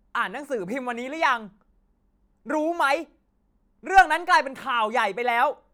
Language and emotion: Thai, angry